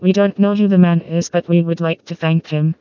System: TTS, vocoder